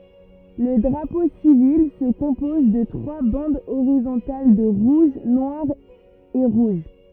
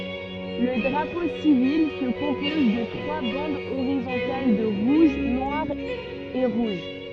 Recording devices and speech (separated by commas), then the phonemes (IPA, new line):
rigid in-ear microphone, soft in-ear microphone, read sentence
lə dʁapo sivil sə kɔ̃pɔz də tʁwa bɑ̃dz oʁizɔ̃tal də ʁuʒ nwaʁ e ʁuʒ